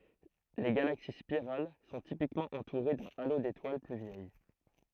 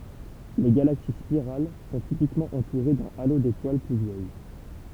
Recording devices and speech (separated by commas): throat microphone, temple vibration pickup, read sentence